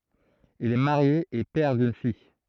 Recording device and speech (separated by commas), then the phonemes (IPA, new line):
throat microphone, read sentence
il ɛ maʁje e pɛʁ dyn fij